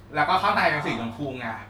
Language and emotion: Thai, happy